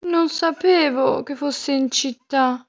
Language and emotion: Italian, sad